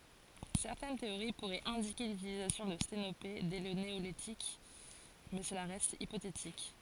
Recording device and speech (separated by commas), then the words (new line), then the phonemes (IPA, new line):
forehead accelerometer, read sentence
Certaines théories pourraient indiquer l'utilisation de sténopés dès le néolithique, mais cela reste hypothétique.
sɛʁtɛn teoʁi puʁɛt ɛ̃dike lytilizasjɔ̃ də stenope dɛ lə neolitik mɛ səla ʁɛst ipotetik